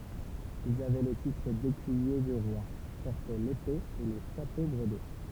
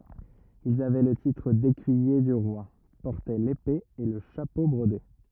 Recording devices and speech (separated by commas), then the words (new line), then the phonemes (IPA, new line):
temple vibration pickup, rigid in-ear microphone, read sentence
Ils avaient le titre d'Écuyer du Roi, portaient l'épée et le chapeau brodé.
ilz avɛ lə titʁ dekyije dy ʁwa pɔʁtɛ lepe e lə ʃapo bʁode